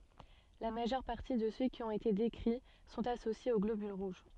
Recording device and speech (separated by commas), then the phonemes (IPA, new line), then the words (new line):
soft in-ear microphone, read sentence
la maʒœʁ paʁti də sø ki ɔ̃t ete dekʁi sɔ̃t asosjez o ɡlobyl ʁuʒ
La majeure partie de ceux qui ont été décrits sont associés aux globules rouges.